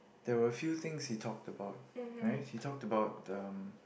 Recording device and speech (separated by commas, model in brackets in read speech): boundary microphone, conversation in the same room